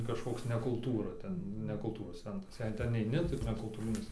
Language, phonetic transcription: Lithuanian, kažˈkoks ne kulˈtūra ˈten ne kulˈtūros ˈcentras ˈjei ten eiˈni tai nekulˈtūrinis

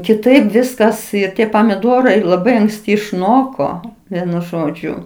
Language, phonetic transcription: Lithuanian, kiˈtaip ˈviskas ir ˈtie pamiˈdorai laˈbai anksˈti išˈnoko ˈvienu ˈžodžiu

